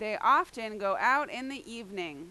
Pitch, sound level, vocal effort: 225 Hz, 96 dB SPL, very loud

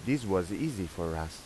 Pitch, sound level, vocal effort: 90 Hz, 86 dB SPL, normal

